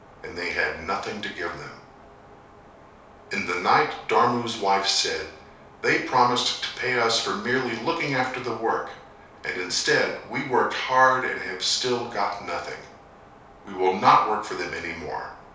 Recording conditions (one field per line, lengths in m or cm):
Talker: one person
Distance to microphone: 3.0 m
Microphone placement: far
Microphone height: 1.8 m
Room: small (3.7 m by 2.7 m)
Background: none